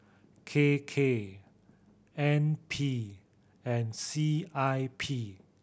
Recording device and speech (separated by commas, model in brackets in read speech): boundary microphone (BM630), read sentence